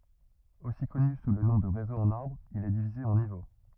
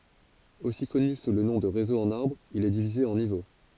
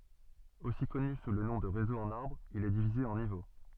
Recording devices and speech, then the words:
rigid in-ear microphone, forehead accelerometer, soft in-ear microphone, read sentence
Aussi connu sous le nom de Réseau en arbre, il est divisé en niveaux.

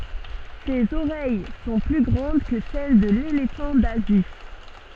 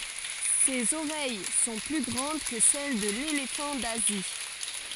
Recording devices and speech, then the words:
soft in-ear microphone, forehead accelerometer, read sentence
Ses oreilles sont plus grandes que celles de l’éléphant d’Asie.

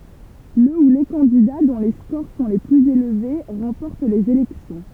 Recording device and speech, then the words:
temple vibration pickup, read sentence
Le ou les candidats dont les scores sont les plus élevés remportent les élections.

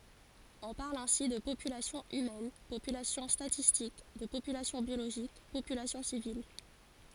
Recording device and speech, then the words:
forehead accelerometer, read sentence
On parle ainsi de population humaine, population statistique, de population biologique, population civile, etc.

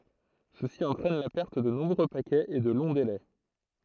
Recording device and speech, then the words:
throat microphone, read sentence
Ceci entraîne la perte de nombreux paquets et de longs délais.

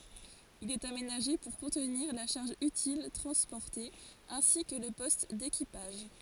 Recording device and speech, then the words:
forehead accelerometer, read sentence
Il est aménagé pour contenir la charge utile transportée, ainsi que le poste d'équipage.

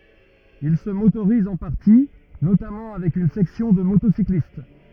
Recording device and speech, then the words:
rigid in-ear microphone, read sentence
Il se motorise en partie, notamment avec une section de motocyclistes.

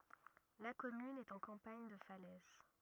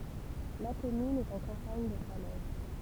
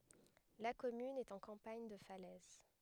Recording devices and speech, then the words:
rigid in-ear microphone, temple vibration pickup, headset microphone, read sentence
La commune est en campagne de Falaise.

